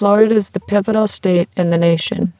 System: VC, spectral filtering